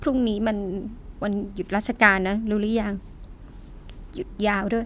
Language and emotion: Thai, sad